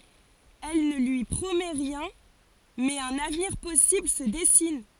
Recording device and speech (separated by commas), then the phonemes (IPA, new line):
forehead accelerometer, read sentence
ɛl nə lyi pʁomɛ ʁjɛ̃ mɛz œ̃n avniʁ pɔsibl sə dɛsin